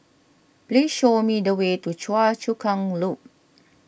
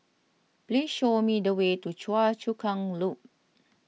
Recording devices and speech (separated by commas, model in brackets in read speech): boundary microphone (BM630), mobile phone (iPhone 6), read sentence